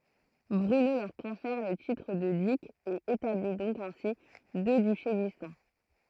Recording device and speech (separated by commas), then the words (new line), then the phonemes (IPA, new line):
throat microphone, read sentence
Bruno leur confère le titre de duc et établit donc ainsi deux duchés distincts.
bʁyno lœʁ kɔ̃fɛʁ lə titʁ də dyk e etabli dɔ̃k ɛ̃si dø dyʃe distɛ̃